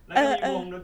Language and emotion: Thai, neutral